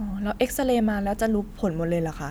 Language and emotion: Thai, neutral